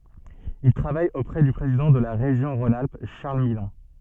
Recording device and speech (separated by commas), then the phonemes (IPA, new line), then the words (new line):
soft in-ear microphone, read sentence
il tʁavaj opʁɛ dy pʁezidɑ̃ də la ʁeʒjɔ̃ ʁɔ̃n alp ʃaʁl milɔ̃
Il travaille auprès du président de la région Rhône-Alpes, Charles Millon.